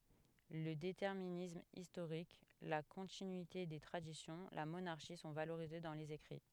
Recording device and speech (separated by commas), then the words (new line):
headset microphone, read sentence
Le déterminisme historique, la continuité des traditions, la monarchie sont valorisés dans les écrits.